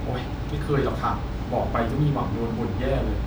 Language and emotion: Thai, frustrated